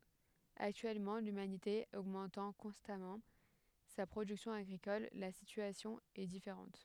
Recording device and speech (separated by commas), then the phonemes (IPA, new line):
headset microphone, read sentence
aktyɛlmɑ̃ lymanite oɡmɑ̃tɑ̃ kɔ̃stamɑ̃ sa pʁodyksjɔ̃ aɡʁikɔl la sityasjɔ̃ ɛ difeʁɑ̃t